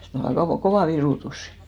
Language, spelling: Finnish, se oli aika kova virutus
- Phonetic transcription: se ol (aika) 'kovà "virùtusɪ .

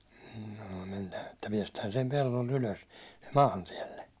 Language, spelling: Finnish, mm no mennään että päästään sen pellolta ylös maantielle
- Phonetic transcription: hm̥ nə (mennään) että piɛstään sem 'pellolt 'ylös , "maantiɛlle .

